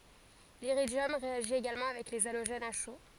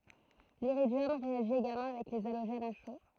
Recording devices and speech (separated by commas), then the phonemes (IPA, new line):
forehead accelerometer, throat microphone, read sentence
liʁidjɔm ʁeaʒi eɡalmɑ̃ avɛk le aloʒɛnz a ʃo